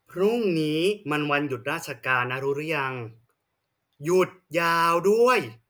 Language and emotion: Thai, frustrated